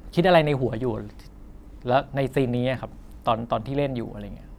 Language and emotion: Thai, neutral